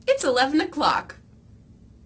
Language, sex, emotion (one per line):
English
female
happy